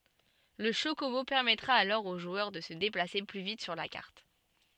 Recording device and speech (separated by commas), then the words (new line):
soft in-ear microphone, read sentence
Le chocobo permettra alors au joueur de se déplacer plus vite sur la carte.